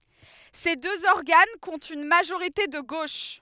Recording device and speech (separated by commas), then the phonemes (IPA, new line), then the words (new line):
headset microphone, read sentence
se døz ɔʁɡan kɔ̃tt yn maʒoʁite də ɡoʃ
Ces deux organes comptent une majorité de gauche.